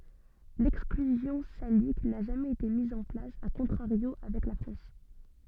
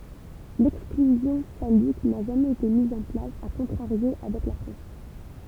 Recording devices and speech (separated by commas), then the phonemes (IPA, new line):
soft in-ear microphone, temple vibration pickup, read sentence
lɛksklyzjɔ̃ salik na ʒamɛz ete miz ɑ̃ plas a kɔ̃tʁaʁjo avɛk la fʁɑ̃s